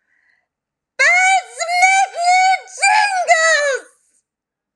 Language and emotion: English, fearful